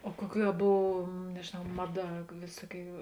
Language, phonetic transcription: Lithuanian, o ˈkuoˌkių a ˈbov nežėˈnau ˈmaˌda ˈvėsuoˌkių

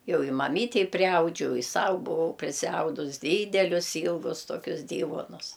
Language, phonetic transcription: Lithuanian, ˈjau i maˈmytei priˈaudžiau i ˈsau buˈvau prisiˈaudus ˈdydelius ˈylgus toˈkius ˈdyvuonus

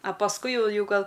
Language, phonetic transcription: Lithuanian, a pasˈkui ˈjau ˈjau ˈgal

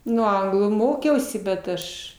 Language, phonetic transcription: Lithuanian, ˈnu ˈanglų ˈmokiausi bet ˈaš

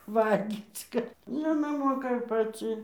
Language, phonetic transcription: Lithuanian, ˈvalgyc ˈkad ˈjinai ˈmoka ir paˈci

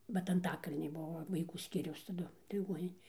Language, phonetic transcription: Lithuanian, bet anˈtakalny ˈbuvo vaiˈkų ˈskyriaus taˈdu liˈguoninė

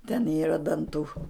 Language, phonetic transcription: Lithuanian, ten ˈyra danˈtų

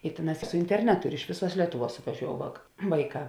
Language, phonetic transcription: Lithuanian, i ˈtėˌnās su interˈnetu ir iš ˈvėˌsuos ˈlietuˌvuos suvaˈžiou vak ˈvaiˌkā

